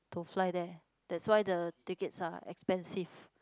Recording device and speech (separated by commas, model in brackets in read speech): close-talking microphone, conversation in the same room